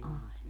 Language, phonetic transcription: Finnish, 'ai̮ .
- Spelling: ai

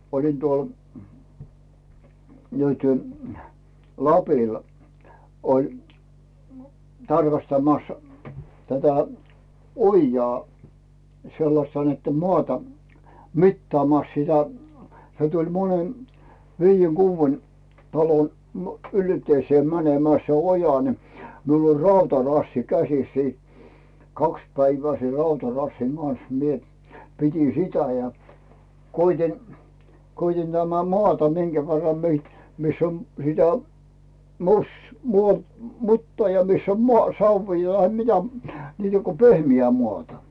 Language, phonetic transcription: Finnish, olin tuol , nyty , 'Lapil , oĺ 'tarkastamas , tätä , "ojjaa , sellasta net̳t̳em "moàta , "mittaamàs sitä , se tuĺ 'monen , "viijjeŋ "Guuvven , 'talon , m- , "ylteisee 'mänemää se oja ni , 'miul ‿oĺ "rauta'rassi 'käsis sii , "kaks 'päivää ser 'rautarassiŋ Gans mie , 'pit́in sitä jä , koit́in , 'koit́in tämä "moàta 'miŋCä verram mi- , 'miss ‿on sitä , mus- , muo- , "muttaa ja 'miss ‿om moà- "savvii tahe 'mitä , niitä ko 'pehmi₍ä muàta .
- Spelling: olin tuolla nyt Lapilla oli tarkastamassa tätä ojaa sellaista niiden maata mittaamassa sitä se tuli monen viiden kuuden talon - ylteiseen menemään se oja niin minulla oli rautarassi käsissä siinä kaksi päivää sen rautarassin kanssa minä pidin sitä ja koetin koetin tämä maata minkä verran - missä on sitä - - mutaa ja missä on - savea tai mitä niitä kun pehmeää maata

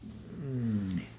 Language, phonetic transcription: Finnish, m̥ni .
- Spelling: niin

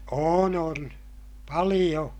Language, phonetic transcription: Finnish, oon on , paliʲo .
- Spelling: on on paljon

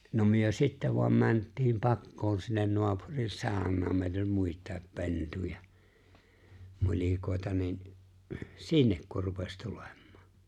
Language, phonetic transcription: Finnish, no myö 'sittä voam 'mänttiim 'pakkoon sinnen 'noapurin "saaᵒn̆naam 'mèit ‿oĺ "muit̀àep "pentuja , 'nul̜ikòi̬ta nin , "sinnek kur rupes 'tuleᴍ̆ᴍᴀᴀ .
- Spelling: no me sitten vain mentiin pakoon sinne naapurin saunaan meitä oli muita pentuja nulikoita niin sinne kun rupesi tulemaan

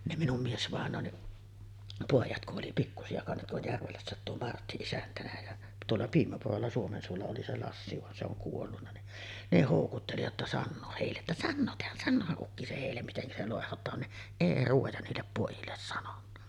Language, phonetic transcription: Finnish, ne minum 'miesvàeǹoonni’ , 'pòijat kuˀ ˀoli pikkusi₍a kansat tuo 'Järvelässä̀et tuo "Martti 'isäntänä jä , tuolla 'Piimäpurolla 'Suomensuolla oli 'se Lassi van se ‿oŋ kuollunna ni , 'ne 'hòukutteli jotta 'sannooh hèille ’että » "sannootehan "sanno̳a̳§haˀ 'ˀukki se hèillem miteŋkä se lòehot̀aan « ni , "èi 'ruoja niillep pòijilles sanonna .
- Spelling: ne minun miesvainajani pojat kun oli pikkuisia kanssa tuo Järvelässäkin tuo Martti isäntänä ja tuolla Piimäpurolla Suomensuolla oli se Lassi vaan se on kuollut niin ne houkutteli jotta sanoa heille että sanottehan sanoahan ukki se heille miten se loihdotaan niin ei ruoja niille pojille sanonut

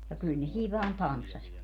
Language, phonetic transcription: Finnish, ja 'kyl ne 'siiv vaan "tanssaśvatki .
- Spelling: ja kyllä ne siinä vain tanssasivatkin

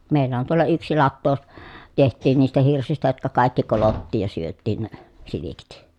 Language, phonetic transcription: Finnish, mèil̀ä on tuolla yksi lattoo , teht̆tiin niistä hirsistä jotka kàikki kolottiij ja syöttiin ne , silikit .
- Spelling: meillä on tuolla yksi lato tehtiin niistä hirsistä jotka kaikki kolottiin ja syötiin ne silkki

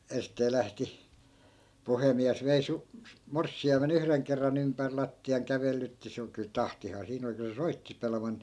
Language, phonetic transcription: Finnish, en̬stee 'lähti , 'puhemiäs vei 'su- , "morssi₍aime'n ‿yhreŋ kerra'n ‿ympär 'latti₍aŋ 'kävellytti se o(n kyl) "tahtihaa 'siin ‿oli kyl se 'soitti 'pelmanni .
- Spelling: ensisteen lähti puhemies vei - morsiamen yhden kerran ympäri lattian kävelytti se on kyllä tahtiaan siinä oli kyllä se soitti pelimanni

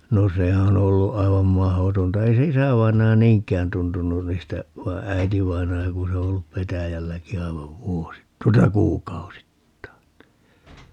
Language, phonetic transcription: Finnish, 'no "se on ‿'ollu 'aivam "mahotonta - 'ei se "isävainaja "niiŋk̆kään 'tuntunun niistä , 'vai̮ "äitivainaja ku se o ollup "petäjälläki 'aivav "vuosit - 'tuota "kuukausittain (ni) .
- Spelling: no se on ollut aivan mahdotonta ei se isävainaja niinkään tuntunut niistä vaan äitivainaja kun se on ollut petäjälläkin aivan - tuota kuukausittain niin

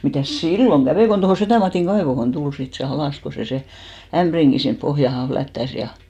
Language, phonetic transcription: Finnish, 'mitä̀s "silloŋ 'ɢävè kon tohò 'Setä̀ Matìŋ 'ɢaevohon "tul sit se 'alàs ko se 'se , 'ämʙriŋɢi sinp 'pohjahan̬ 'flättäs ja .
- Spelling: mitäs silloin kävi kun tuohon Setä Matin kaivoon tuli sitten se alas kun se se ämpärinkin sinne pohjaan flättäsi ja

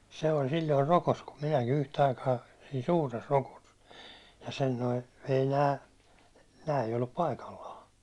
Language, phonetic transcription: Finnish, se oĺ silloir 'rokos kum minäki 'yhtᵃ̈ aikaa , sii "suures 'rokos , ja sen noi , ei 'nää , nää ei ollup "paikallaa .
- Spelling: se oli silloin rokossa kun minäkin yhtä aikaa siinä suuressa rokossa ja sen nuo ei nämä nämä ei ollut paikallaan

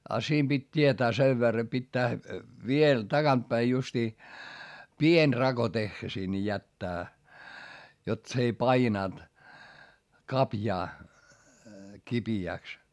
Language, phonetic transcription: Finnish, a siim Bit́ tietää sev verra pittää , viel taGant päi justii , pień raGo teχχä sinⁿᵉ jättää , jot s ‿ei painànt , kapjaa , kipi₍ä̀ks .
- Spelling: ja siinä piti tietää sen verran pitää vielä takaa päin justiin pieni rako tehdä sinne jättää jotta se ei painanut kaviota kipeäksi

